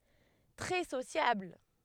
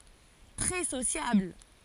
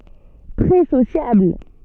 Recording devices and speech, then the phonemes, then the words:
headset microphone, forehead accelerometer, soft in-ear microphone, read sentence
tʁɛ sosjabl
Très sociable.

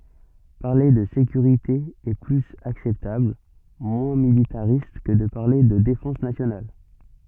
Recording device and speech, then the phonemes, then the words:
soft in-ear microphone, read sentence
paʁle də sekyʁite ɛ plyz aksɛptabl mwɛ̃ militaʁist kə də paʁle də defɑ̃s nasjonal
Parler de sécurité est plus acceptable, moins militariste que de parler de défense nationale.

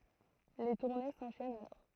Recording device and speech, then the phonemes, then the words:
throat microphone, read sentence
le tuʁne sɑ̃ʃɛnt alɔʁ
Les tournées s'enchaînent alors.

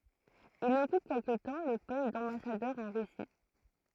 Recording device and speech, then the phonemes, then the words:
throat microphone, read sentence
il ɔkyp kɛlkə tɑ̃ lə pɔst dɑ̃basadœʁ ɑ̃ ʁysi
Il occupe quelque temps le poste d'ambassadeur en Russie.

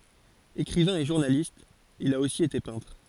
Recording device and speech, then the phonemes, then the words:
forehead accelerometer, read sentence
ekʁivɛ̃ e ʒuʁnalist il a osi ete pɛ̃tʁ
Écrivain et journaliste, il a aussi été peintre.

